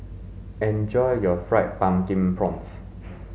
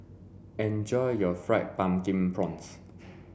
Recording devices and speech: mobile phone (Samsung S8), boundary microphone (BM630), read sentence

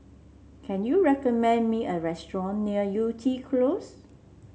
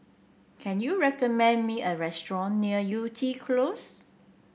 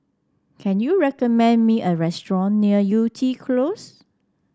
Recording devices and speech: mobile phone (Samsung C7), boundary microphone (BM630), standing microphone (AKG C214), read sentence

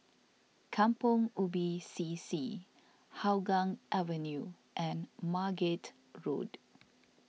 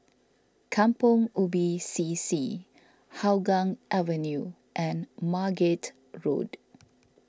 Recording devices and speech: mobile phone (iPhone 6), standing microphone (AKG C214), read sentence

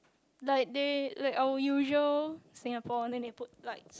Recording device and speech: close-talking microphone, conversation in the same room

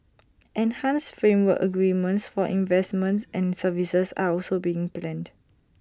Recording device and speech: standing microphone (AKG C214), read sentence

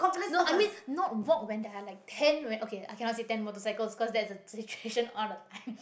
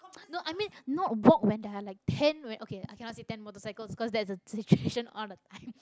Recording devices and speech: boundary microphone, close-talking microphone, conversation in the same room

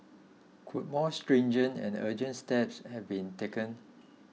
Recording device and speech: mobile phone (iPhone 6), read sentence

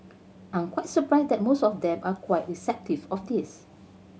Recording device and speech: mobile phone (Samsung C7100), read sentence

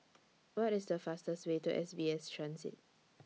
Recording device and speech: mobile phone (iPhone 6), read sentence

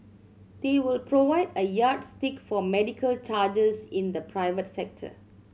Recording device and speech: mobile phone (Samsung C7100), read sentence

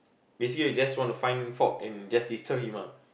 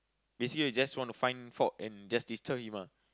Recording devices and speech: boundary microphone, close-talking microphone, conversation in the same room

